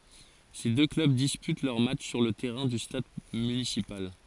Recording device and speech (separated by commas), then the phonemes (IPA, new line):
forehead accelerometer, read sentence
se dø klœb dispyt lœʁ matʃ syʁ lə tɛʁɛ̃ dy stad mynisipal